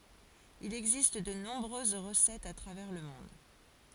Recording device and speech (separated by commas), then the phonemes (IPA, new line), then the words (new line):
forehead accelerometer, read sentence
il ɛɡzist də nɔ̃bʁøz ʁəsɛtz a tʁavɛʁ lə mɔ̃d
Il existe de nombreuses recettes à travers le monde.